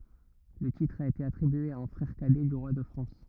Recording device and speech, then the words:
rigid in-ear microphone, read sentence
Le titre a été attribué à un frère cadet du roi de France.

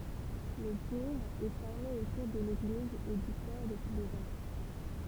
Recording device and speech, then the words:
temple vibration pickup, read sentence
Le bourg est formé autour de l'église et du port de plaisance.

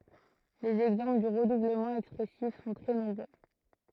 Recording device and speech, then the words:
throat microphone, read sentence
Les exemples du redoublement expressif sont très nombreux.

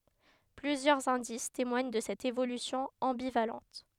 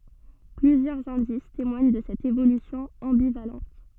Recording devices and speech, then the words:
headset microphone, soft in-ear microphone, read sentence
Plusieurs indices témoignent de cette évolution ambivalente.

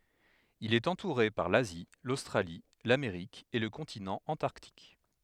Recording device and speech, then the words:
headset microphone, read sentence
Il est entouré par l'Asie, l'Australie, l'Amérique et le continent Antarctique.

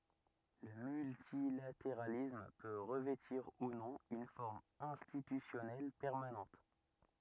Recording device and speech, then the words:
rigid in-ear microphone, read sentence
Le multilatéralisme peut revêtir ou non une forme institutionnelle permanente.

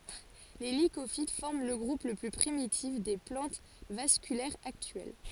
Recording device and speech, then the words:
forehead accelerometer, read sentence
Les Lycophytes forment le groupe le plus primitif des plantes vasculaires actuelles.

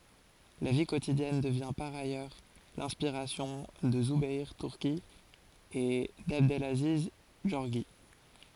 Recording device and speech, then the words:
forehead accelerometer, read sentence
La vie quotidienne devient par ailleurs l'inspiration de Zoubeir Turki et d'Abdelaziz Gorgi.

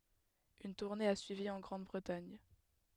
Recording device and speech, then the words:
headset microphone, read sentence
Une tournée a suivi en Grande-Bretagne.

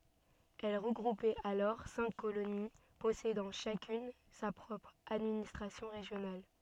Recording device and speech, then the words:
soft in-ear microphone, read sentence
Elle regroupait alors cinq colonies possédant chacune sa propre administration régionale.

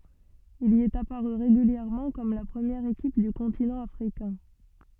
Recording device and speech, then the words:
soft in-ear microphone, read sentence
Il y est apparu régulièrement comme la première équipe du continent africain.

